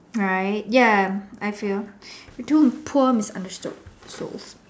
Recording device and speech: standing microphone, conversation in separate rooms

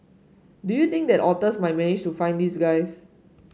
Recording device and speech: mobile phone (Samsung S8), read sentence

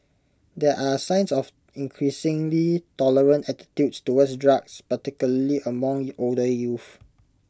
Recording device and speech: close-talking microphone (WH20), read sentence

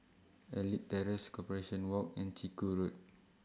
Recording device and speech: standing microphone (AKG C214), read sentence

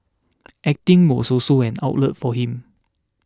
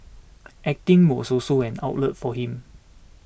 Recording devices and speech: standing microphone (AKG C214), boundary microphone (BM630), read sentence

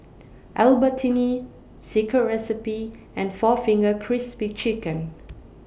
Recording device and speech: boundary microphone (BM630), read sentence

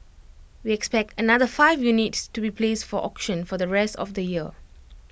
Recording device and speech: boundary microphone (BM630), read sentence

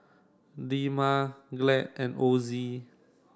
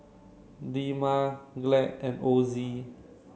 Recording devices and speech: standing microphone (AKG C214), mobile phone (Samsung C7), read sentence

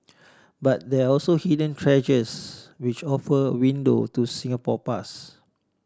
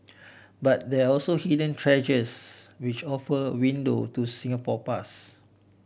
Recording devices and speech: standing microphone (AKG C214), boundary microphone (BM630), read sentence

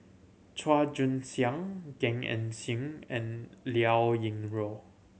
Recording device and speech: mobile phone (Samsung C7100), read sentence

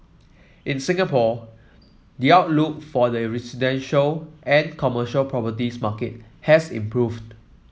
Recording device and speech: mobile phone (iPhone 7), read sentence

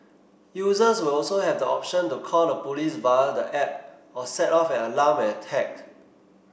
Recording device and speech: boundary microphone (BM630), read sentence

